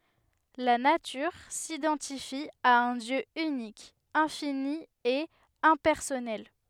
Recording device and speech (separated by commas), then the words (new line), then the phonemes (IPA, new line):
headset microphone, read sentence
La Nature s'identifie à un Dieu unique, infini et impersonnel.
la natyʁ sidɑ̃tifi a œ̃ djø ynik ɛ̃fini e ɛ̃pɛʁsɔnɛl